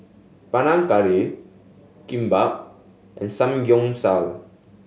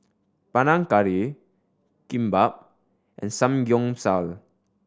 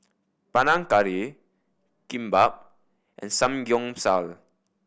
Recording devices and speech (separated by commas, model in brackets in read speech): mobile phone (Samsung S8), standing microphone (AKG C214), boundary microphone (BM630), read sentence